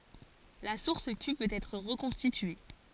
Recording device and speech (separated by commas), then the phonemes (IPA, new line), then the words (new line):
forehead accelerometer, read sentence
la suʁs ky pøt ɛtʁ ʁəkɔ̃stitye
La source Q peut être reconstituée.